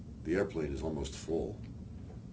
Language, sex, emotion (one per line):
English
male
neutral